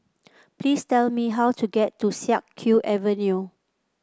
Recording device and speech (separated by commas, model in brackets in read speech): close-talking microphone (WH30), read sentence